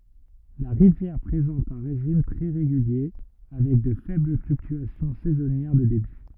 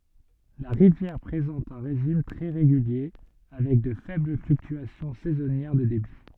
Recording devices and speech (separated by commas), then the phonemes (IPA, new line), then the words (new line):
rigid in-ear microphone, soft in-ear microphone, read sentence
la ʁivjɛʁ pʁezɑ̃t œ̃ ʁeʒim tʁɛ ʁeɡylje avɛk də fɛbl flyktyasjɔ̃ sɛzɔnjɛʁ də debi
La rivière présente un régime très régulier, avec de faibles fluctuations saisonnières de débit.